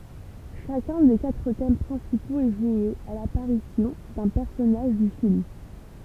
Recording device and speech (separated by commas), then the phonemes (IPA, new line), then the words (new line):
temple vibration pickup, read sentence
ʃakœ̃ de katʁ tɛm pʁɛ̃sipoz ɛ ʒwe a lapaʁisjɔ̃ dœ̃ pɛʁsɔnaʒ dy film
Chacun des quatre thèmes principaux est joué à l'apparition d'un personnage du film.